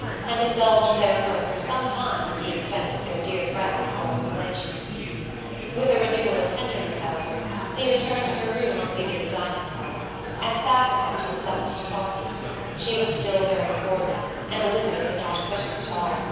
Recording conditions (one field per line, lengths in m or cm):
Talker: one person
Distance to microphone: 7.1 m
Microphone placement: far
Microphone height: 1.7 m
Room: very reverberant, large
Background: babble